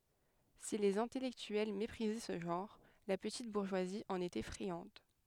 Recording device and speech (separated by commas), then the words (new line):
headset microphone, read sentence
Si les intellectuels méprisaient ce genre, la petite bourgeoisie en était friande.